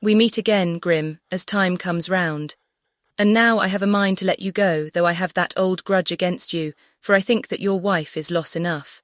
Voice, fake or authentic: fake